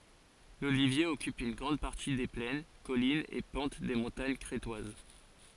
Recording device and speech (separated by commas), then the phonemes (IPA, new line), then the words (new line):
forehead accelerometer, read sentence
lolivje ɔkyp yn ɡʁɑ̃d paʁti de plɛn kɔlinz e pɑ̃t de mɔ̃taɲ kʁetwaz
L'olivier occupe une grande partie des plaines, collines et pentes des montagnes crétoises.